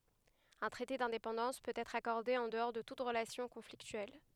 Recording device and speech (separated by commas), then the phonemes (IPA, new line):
headset microphone, read sentence
œ̃ tʁɛte dɛ̃depɑ̃dɑ̃s pøt ɛtʁ akɔʁde ɑ̃ dəɔʁ də tut ʁəlasjɔ̃ kɔ̃fliktyɛl